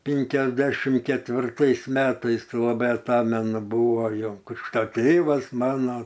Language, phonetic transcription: Lithuanian, pinkiasˈdešim ketvirˈtais ˈmetais laˈbai aˈtamenu ˈbuvo ˈjo ˈkrikšta ˈtėvas ˈmano

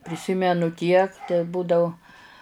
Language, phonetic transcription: Lithuanian, priˈsimenu tiek teˈbūdau

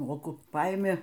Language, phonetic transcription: Lithuanian, ˈmoku ˈpaimi

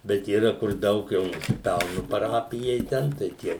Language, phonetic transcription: Lithuanian, ˈbet yˈra kur ˈdaug jau nusiˈpelnu paˈrapijai ˈten tai ˈtie

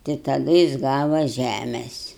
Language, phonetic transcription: Lithuanian, tai taˈdu jis ˈgava ˈžæmes'

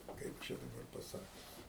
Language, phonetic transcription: Lithuanian, ˈkaip čia daˈbar paˈsakius

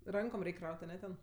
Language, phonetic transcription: Lithuanian, ˈrankom ˈreik' ˈkraut' aˈne ten

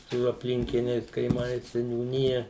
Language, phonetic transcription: Lithuanian, su apˈlinkiniais kaiˈmais seniūˈnija

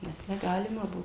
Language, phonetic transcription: Lithuanian, ˈnes neˈgalima ˈbuvo

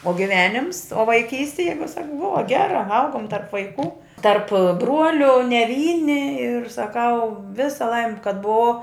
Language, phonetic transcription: Lithuanian, o giˈvenims o vaiˈkysti ˈjeigu ˈsak ˈbuva ˈgera ˈaugum tarp vaiˈkų tarp ˈbruoliu ne ˈvyni ir saˈkau ˈvisa ˈlaimi kad buˈvau

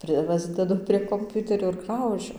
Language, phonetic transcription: Lithuanian, ˈprɨ ˈpasdedu prie komˈpiuterio ir ˈgraužiu

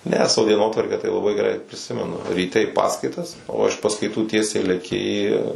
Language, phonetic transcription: Lithuanian, ne ˈsavo dieˈnotvarkę tai laˈbai geˈrai priˈsimenu ryˈte i ˈpaskaitas o iš paskaiˈtų ˈtiesiai leˈki į

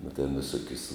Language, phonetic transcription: Lithuanian, nu ten viˈsokius

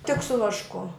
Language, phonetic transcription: Lithuanian, tik su vašˈku

